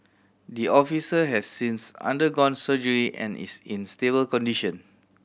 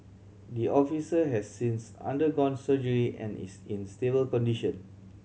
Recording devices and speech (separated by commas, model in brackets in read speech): boundary microphone (BM630), mobile phone (Samsung C7100), read sentence